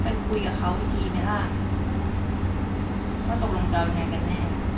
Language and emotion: Thai, frustrated